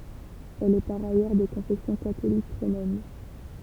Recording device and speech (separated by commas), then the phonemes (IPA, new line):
temple vibration pickup, read sentence
ɛl ɛ paʁ ajœʁ də kɔ̃fɛsjɔ̃ katolik ʁomɛn